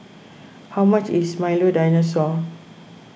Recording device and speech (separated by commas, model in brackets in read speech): boundary microphone (BM630), read sentence